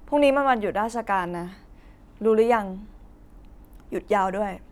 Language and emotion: Thai, frustrated